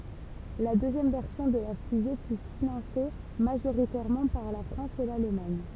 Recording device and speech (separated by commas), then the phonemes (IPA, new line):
temple vibration pickup, read sentence
la døzjɛm vɛʁsjɔ̃ də la fyze fy finɑ̃se maʒoʁitɛʁmɑ̃ paʁ la fʁɑ̃s e lalmaɲ